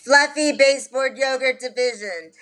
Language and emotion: English, neutral